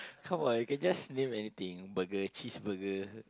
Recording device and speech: close-talking microphone, conversation in the same room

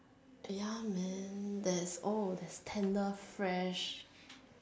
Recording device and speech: standing microphone, conversation in separate rooms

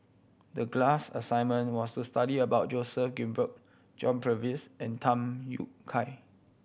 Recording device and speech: boundary microphone (BM630), read sentence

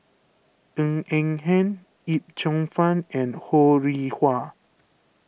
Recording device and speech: boundary microphone (BM630), read sentence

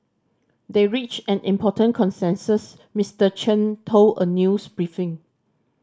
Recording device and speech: standing microphone (AKG C214), read sentence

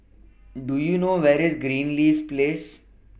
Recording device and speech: boundary microphone (BM630), read sentence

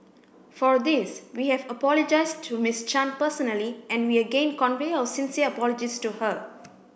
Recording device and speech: boundary microphone (BM630), read sentence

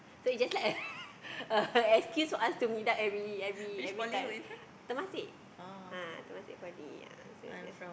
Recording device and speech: boundary microphone, conversation in the same room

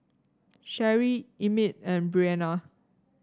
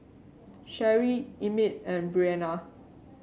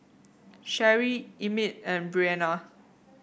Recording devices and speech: standing microphone (AKG C214), mobile phone (Samsung C7), boundary microphone (BM630), read sentence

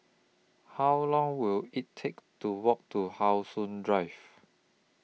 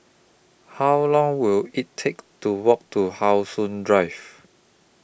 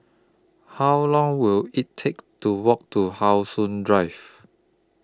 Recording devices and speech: mobile phone (iPhone 6), boundary microphone (BM630), close-talking microphone (WH20), read sentence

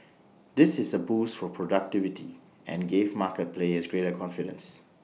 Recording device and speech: mobile phone (iPhone 6), read sentence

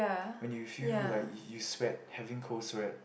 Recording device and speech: boundary microphone, conversation in the same room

